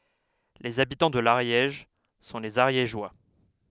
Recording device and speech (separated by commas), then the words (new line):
headset microphone, read sentence
Les habitants de l'Ariège sont les Ariégeois.